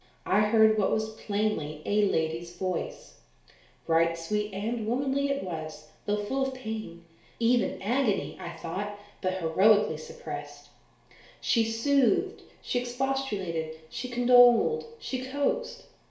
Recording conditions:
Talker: one person; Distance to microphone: 1.0 m; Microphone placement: close; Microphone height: 1.1 m; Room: small (3.7 m by 2.7 m); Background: none

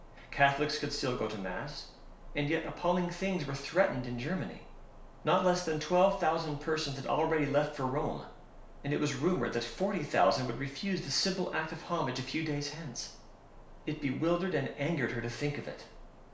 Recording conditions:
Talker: one person; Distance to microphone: 1.0 m; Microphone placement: close; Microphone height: 1.1 m; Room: small (3.7 m by 2.7 m); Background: none

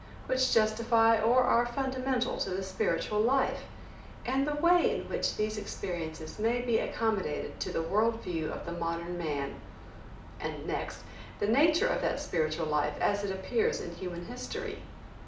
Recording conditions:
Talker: one person; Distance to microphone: 2.0 m; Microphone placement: close; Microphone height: 99 cm; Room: medium-sized (5.7 m by 4.0 m); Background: none

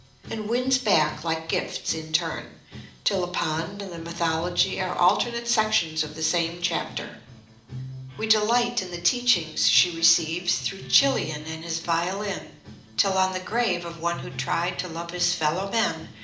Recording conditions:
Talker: one person; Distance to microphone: 2.0 m; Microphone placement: close; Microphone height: 99 cm; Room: medium-sized (5.7 m by 4.0 m); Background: music

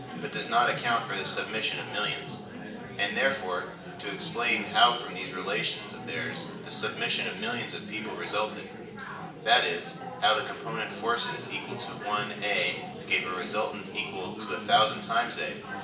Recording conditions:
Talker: one person; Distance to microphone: 1.8 m; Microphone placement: close; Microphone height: 1.0 m; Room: large; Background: babble

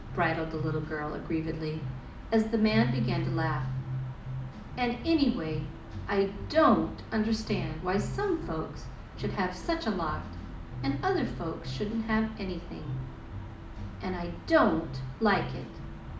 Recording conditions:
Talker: one person; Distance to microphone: 2.0 m; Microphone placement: close; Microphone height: 99 cm; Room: medium-sized (5.7 m by 4.0 m); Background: music

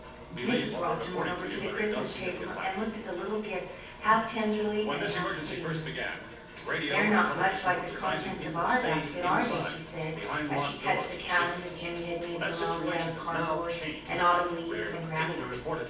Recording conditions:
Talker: one person; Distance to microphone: 9.8 m; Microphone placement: far; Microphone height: 1.8 m; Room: large; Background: television

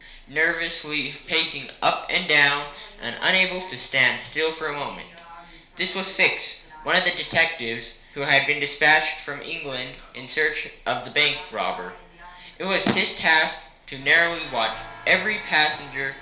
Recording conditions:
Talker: one person; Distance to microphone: 1.0 m; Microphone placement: close; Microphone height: 1.1 m; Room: small (3.7 m by 2.7 m); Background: television

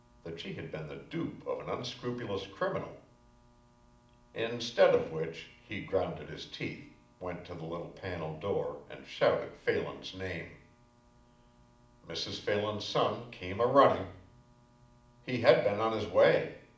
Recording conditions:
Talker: one person; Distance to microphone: 2.0 m; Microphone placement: close; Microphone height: 99 cm; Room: medium-sized (5.7 m by 4.0 m); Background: none

